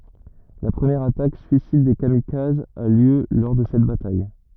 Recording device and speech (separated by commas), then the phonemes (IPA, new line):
rigid in-ear microphone, read sentence
la pʁəmjɛʁ atak syisid de kamikazz a ljø lɔʁ də sɛt bataj